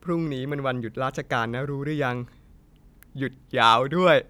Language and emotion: Thai, happy